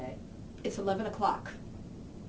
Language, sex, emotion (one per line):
English
female
angry